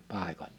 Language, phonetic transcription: Finnish, pàikoĺ- .
- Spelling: paikoilleen

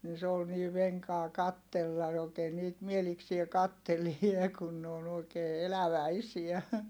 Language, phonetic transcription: Finnish, ni se ol nii veŋkaa kattella ookee niit mieliksie kattelie kun ne on ‿òi̮kee eläväisiä .
- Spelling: niin se oli niin venkaa katsella oikein niitä mielikseen katselee kun ne on oikein eläväisiä

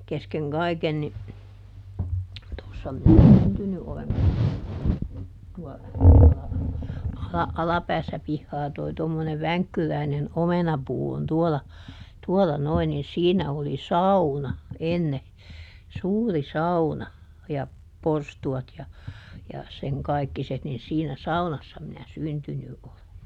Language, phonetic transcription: Finnish, ˈkeskeŋ "kaiken ni , ˈtossa minä "syntyny olen tossa , tuola , ˈala- , ˈalapäässä ˈpihhaa toi tommonev "väŋkkyräinen "omenapuu on ˈtuola , ˈtuɔla ˈnoin nin ˈsiinä oli "sauna , ˈenne , ˈsuuri "sauna , ja , ˈporstu₍at ja , ja , seŋ ˈkaikkiset nin siinä "saunassa minä "syntyny ʼole .
- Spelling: kesken kaiken niin tuossa minä syntynyt olen tuossa tuolla - alapäässä pihaa tuo tuommoinen vänkkyräinen omenapuu on tuolla tuolla noin niin siinä oli sauna ennen suuri sauna ja porstuat ja ja sen kaikkiset niin siinä saunassa minä syntynyt olen

